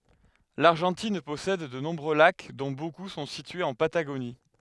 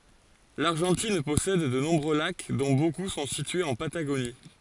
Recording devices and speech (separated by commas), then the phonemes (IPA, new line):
headset microphone, forehead accelerometer, read sentence
laʁʒɑ̃tin pɔsɛd də nɔ̃bʁø lak dɔ̃ boku sɔ̃ sityez ɑ̃ pataɡoni